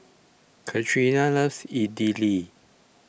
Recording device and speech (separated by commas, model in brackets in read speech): boundary microphone (BM630), read sentence